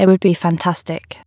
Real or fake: fake